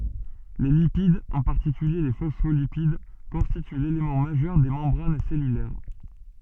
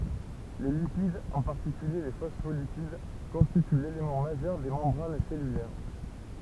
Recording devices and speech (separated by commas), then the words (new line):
soft in-ear microphone, temple vibration pickup, read sentence
Les lipides, en particulier les phospholipides, constituent l'élément majeur des membranes cellulaires.